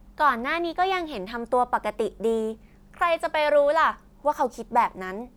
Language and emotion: Thai, neutral